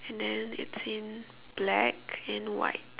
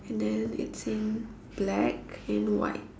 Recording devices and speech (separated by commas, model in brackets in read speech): telephone, standing microphone, conversation in separate rooms